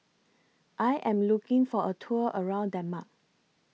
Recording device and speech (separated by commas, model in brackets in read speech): mobile phone (iPhone 6), read sentence